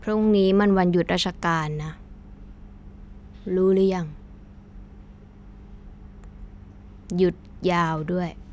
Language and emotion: Thai, frustrated